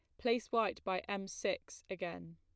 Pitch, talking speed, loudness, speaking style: 195 Hz, 165 wpm, -38 LUFS, plain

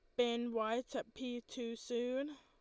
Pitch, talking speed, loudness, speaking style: 240 Hz, 165 wpm, -40 LUFS, Lombard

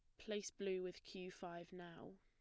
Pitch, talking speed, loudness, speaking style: 185 Hz, 180 wpm, -49 LUFS, plain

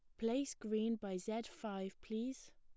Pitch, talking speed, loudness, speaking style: 220 Hz, 155 wpm, -42 LUFS, plain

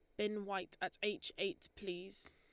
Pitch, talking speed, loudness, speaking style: 200 Hz, 170 wpm, -42 LUFS, Lombard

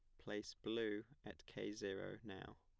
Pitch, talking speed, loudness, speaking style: 105 Hz, 150 wpm, -48 LUFS, plain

